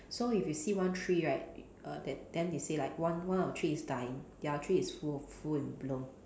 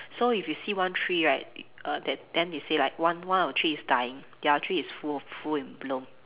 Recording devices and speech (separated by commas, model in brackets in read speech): standing microphone, telephone, conversation in separate rooms